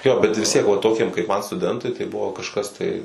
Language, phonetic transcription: Lithuanian, ˈjo bet visˈ tiek va ˈtokiem kaip man stuˈdentui tai ˈbuvo kažˈkas tai

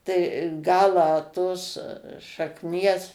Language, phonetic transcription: Lithuanian, tai ˈgalą tos šakˈnies

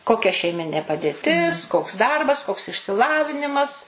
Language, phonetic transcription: Lithuanian, ˈkokia šeiˈminė paˈdėtis koks ˈdarbas koks išsiˈlavinimas

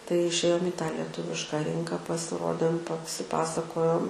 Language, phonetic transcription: Lithuanian, tai išˈėjom į tą lieˈtuvišką ˈrinką pasiˈrodėm pasiˈpasakojom

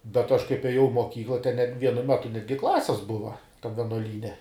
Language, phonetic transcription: Lithuanian, bet aš kaip eˈjau i moˈkykla ten net ˈvienu ˈmetu ˈnetgi ˈklasis ˈbuva tam venuoˈlyne

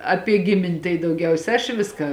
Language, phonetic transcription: Lithuanian, ˈapie ˈgimin' tai dauˈgiausia aš ˈviska

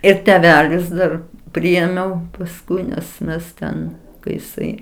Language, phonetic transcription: Lithuanian, ir teˈvelis ˈdar ˈpriėmiau pasˈkui nes ˈmes ten kai jiˈsai

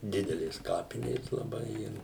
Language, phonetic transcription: Lithuanian, ˈdidelės ˈkapinės laˈbai ˈir

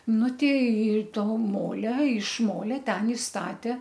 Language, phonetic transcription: Lithuanian, ˈnu tei ˈto ˈmolia iš ˈmolia ˈten i ˈstatė

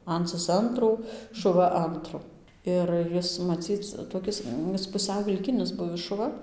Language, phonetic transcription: Lithuanian, ˈancɨs ˈantrų šuˈva ˈantru ir ˈjis maˈcyc toˈkis ˈis puˈsiau vilˈkinis ˈbuvis šuˈva

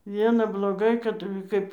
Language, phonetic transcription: Lithuanian, ˈviena bloˈgai kad ˈkaip

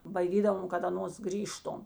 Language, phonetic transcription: Lithuanian, baiˈdydavom kad aˈnos ˈgrįžtom

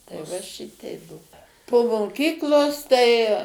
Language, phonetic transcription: Lithuanian, tai ˈva ˈšitei ˈbuo po moˈkyklos tai

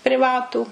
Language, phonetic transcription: Lithuanian, priˈvatų

